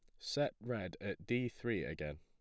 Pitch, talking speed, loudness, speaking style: 100 Hz, 180 wpm, -40 LUFS, plain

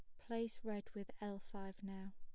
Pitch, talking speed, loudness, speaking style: 205 Hz, 185 wpm, -48 LUFS, plain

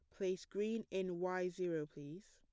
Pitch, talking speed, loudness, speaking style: 185 Hz, 170 wpm, -42 LUFS, plain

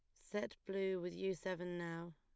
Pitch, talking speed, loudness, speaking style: 185 Hz, 185 wpm, -43 LUFS, plain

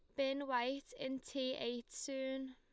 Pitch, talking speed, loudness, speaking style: 265 Hz, 155 wpm, -41 LUFS, Lombard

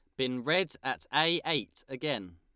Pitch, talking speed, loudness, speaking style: 135 Hz, 165 wpm, -31 LUFS, Lombard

